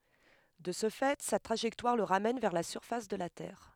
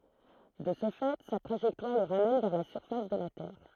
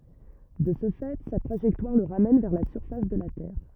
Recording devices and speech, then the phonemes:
headset microphone, throat microphone, rigid in-ear microphone, read sentence
də sə fɛ sa tʁaʒɛktwaʁ lə ʁamɛn vɛʁ la syʁfas də la tɛʁ

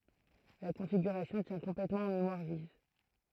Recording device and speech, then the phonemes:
throat microphone, read sentence
la kɔ̃fiɡyʁasjɔ̃ tjɛ̃ kɔ̃plɛtmɑ̃ ɑ̃ memwaʁ viv

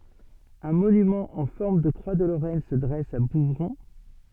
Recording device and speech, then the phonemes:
soft in-ear microphone, read sentence
œ̃ monymɑ̃ ɑ̃ fɔʁm də kʁwa də loʁɛn sə dʁɛs a buvʁɔ̃

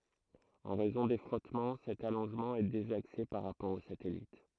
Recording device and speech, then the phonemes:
throat microphone, read sentence
ɑ̃ ʁɛzɔ̃ de fʁɔtmɑ̃ sɛt alɔ̃ʒmɑ̃ ɛ dezakse paʁ ʁapɔʁ o satɛlit

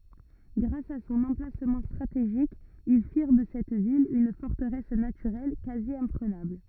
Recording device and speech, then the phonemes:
rigid in-ear microphone, read sentence
ɡʁas a sɔ̃n ɑ̃plasmɑ̃ stʁateʒik il fiʁ də sɛt vil yn fɔʁtəʁɛs natyʁɛl kazjɛ̃pʁənabl

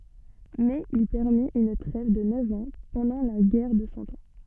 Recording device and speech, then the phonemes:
soft in-ear microphone, read sentence
mɛz il pɛʁmit yn tʁɛv də nœv ɑ̃ pɑ̃dɑ̃ la ɡɛʁ də sɑ̃ ɑ̃

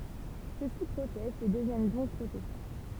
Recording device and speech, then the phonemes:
temple vibration pickup, read sentence
søksi pʁotɛstt e dəvjɛn dɔ̃k pʁotɛstɑ̃

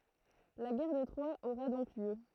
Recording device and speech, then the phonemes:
throat microphone, read sentence
la ɡɛʁ də tʁwa oʁa dɔ̃k ljø

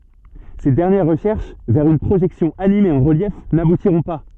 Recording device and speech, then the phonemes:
soft in-ear microphone, read sentence
se dɛʁnjɛʁ ʁəʃɛʁʃ vɛʁ yn pʁoʒɛksjɔ̃ anime ɑ̃ ʁəljɛf nabutiʁɔ̃ pa

